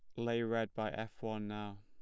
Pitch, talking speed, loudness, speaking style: 110 Hz, 220 wpm, -39 LUFS, plain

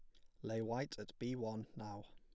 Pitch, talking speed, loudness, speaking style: 110 Hz, 220 wpm, -45 LUFS, plain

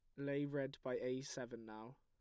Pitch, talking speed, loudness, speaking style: 130 Hz, 200 wpm, -45 LUFS, plain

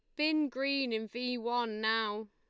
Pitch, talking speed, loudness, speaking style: 240 Hz, 170 wpm, -33 LUFS, Lombard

